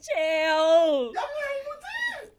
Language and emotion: Thai, happy